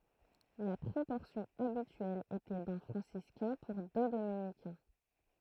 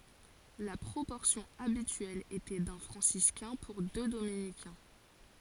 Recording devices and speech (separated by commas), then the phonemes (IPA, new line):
throat microphone, forehead accelerometer, read sentence
la pʁopɔʁsjɔ̃ abityɛl etɛ dœ̃ fʁɑ̃siskɛ̃ puʁ dø dominikɛ̃